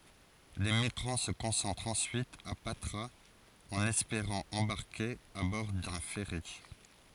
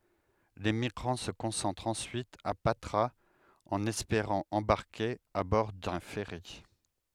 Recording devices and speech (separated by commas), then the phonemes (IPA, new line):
forehead accelerometer, headset microphone, read sentence
le miɡʁɑ̃ sə kɔ̃sɑ̃tʁt ɑ̃syit a patʁaz ɑ̃n ɛspeʁɑ̃ ɑ̃baʁke a bɔʁ dœ̃ fɛʁi